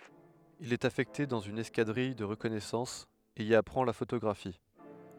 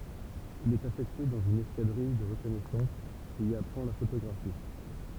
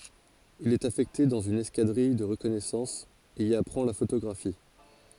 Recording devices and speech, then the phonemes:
headset microphone, temple vibration pickup, forehead accelerometer, read sentence
il ɛt afɛkte dɑ̃z yn ɛskadʁij də ʁəkɔnɛsɑ̃s e i apʁɑ̃ la fotoɡʁafi

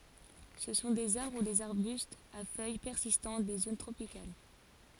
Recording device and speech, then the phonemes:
forehead accelerometer, read sentence
sə sɔ̃ dez aʁbʁ u dez aʁbystz a fœj pɛʁsistɑ̃t de zon tʁopikal

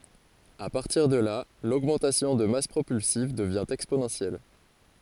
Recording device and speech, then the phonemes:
forehead accelerometer, read sentence
a paʁtiʁ də la loɡmɑ̃tasjɔ̃ də mas pʁopylsiv dəvjɛ̃ ɛksponɑ̃sjɛl

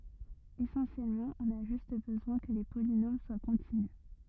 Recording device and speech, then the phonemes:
rigid in-ear microphone, read sentence
esɑ̃sjɛlmɑ̃ ɔ̃n a ʒyst bəzwɛ̃ kə le polinom swa kɔ̃tinys

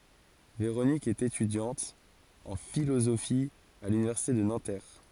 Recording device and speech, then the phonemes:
forehead accelerometer, read sentence
veʁonik ɛt etydjɑ̃t ɑ̃ filozofi a lynivɛʁsite də nɑ̃tɛʁ

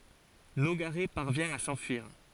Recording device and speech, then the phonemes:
forehead accelerometer, read sentence
noɡaʁɛ paʁvjɛ̃ a sɑ̃fyiʁ

